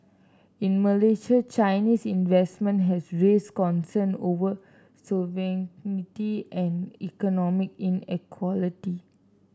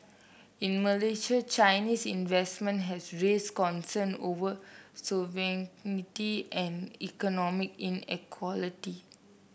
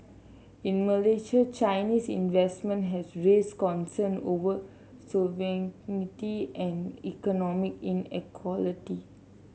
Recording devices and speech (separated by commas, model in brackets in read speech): standing microphone (AKG C214), boundary microphone (BM630), mobile phone (Samsung C7), read sentence